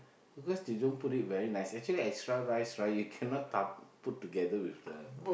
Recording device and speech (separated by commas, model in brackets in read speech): boundary microphone, conversation in the same room